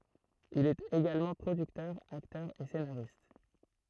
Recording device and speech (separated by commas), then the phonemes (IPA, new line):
throat microphone, read sentence
il ɛt eɡalmɑ̃ pʁodyktœʁ aktœʁ e senaʁist